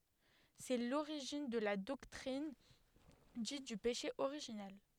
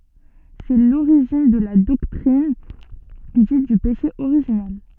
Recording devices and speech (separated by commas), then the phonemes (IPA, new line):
headset microphone, soft in-ear microphone, read sentence
sɛ loʁiʒin də la dɔktʁin dit dy peʃe oʁiʒinɛl